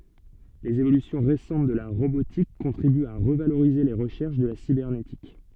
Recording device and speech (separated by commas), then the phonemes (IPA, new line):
soft in-ear microphone, read sentence
lez evolysjɔ̃ ʁesɑ̃t də la ʁobotik kɔ̃tʁibyt a ʁəvaloʁize le ʁəʃɛʁʃ də la sibɛʁnetik